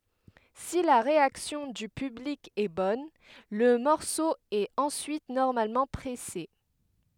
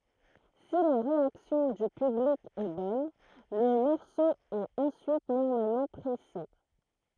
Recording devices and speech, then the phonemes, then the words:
headset microphone, throat microphone, read sentence
si la ʁeaksjɔ̃ dy pyblik ɛ bɔn lə mɔʁso ɛt ɑ̃syit nɔʁmalmɑ̃ pʁɛse
Si la réaction du public est bonne, le morceau est ensuite normalement pressé.

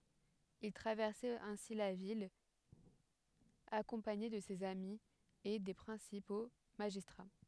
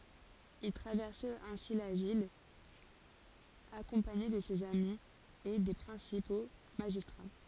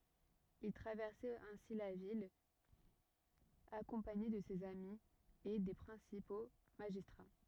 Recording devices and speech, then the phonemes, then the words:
headset microphone, forehead accelerometer, rigid in-ear microphone, read sentence
il tʁavɛʁsɛt ɛ̃si la vil akɔ̃paɲe də sez ami e de pʁɛ̃sipo maʒistʁa
Il traversait ainsi la ville, accompagné de ses amis et des principaux magistrats.

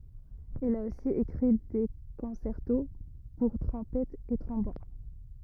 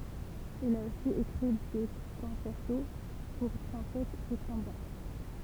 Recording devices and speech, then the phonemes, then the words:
rigid in-ear microphone, temple vibration pickup, read sentence
il a osi ekʁi de kɔ̃sɛʁto puʁ tʁɔ̃pɛtz e tʁɔ̃bon
Il a aussi écrit des concertos pour trompettes et trombones.

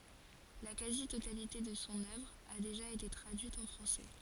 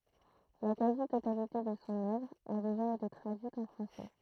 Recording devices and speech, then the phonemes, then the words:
forehead accelerometer, throat microphone, read sentence
la kazi totalite də sɔ̃ œvʁ a deʒa ete tʁadyit ɑ̃ fʁɑ̃sɛ
La quasi-totalité de son œuvre a déjà été traduite en français.

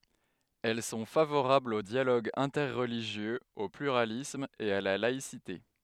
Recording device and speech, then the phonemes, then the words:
headset microphone, read sentence
ɛl sɔ̃ favoʁablz o djaloɡ ɛ̃tɛʁliʒjøz o plyʁalism e a la laisite
Elles sont favorables au dialogue interreligieux, au pluralisme, et à la laïcité.

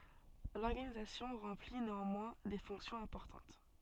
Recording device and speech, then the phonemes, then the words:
soft in-ear microphone, read sentence
lɔʁɡanizasjɔ̃ ʁɑ̃pli neɑ̃mwɛ̃ de fɔ̃ksjɔ̃z ɛ̃pɔʁtɑ̃t
L'organisation remplit néanmoins des fonctions importantes.

